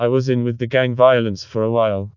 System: TTS, vocoder